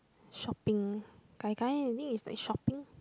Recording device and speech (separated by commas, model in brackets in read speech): close-talking microphone, conversation in the same room